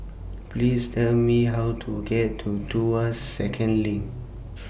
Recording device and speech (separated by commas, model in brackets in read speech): boundary microphone (BM630), read sentence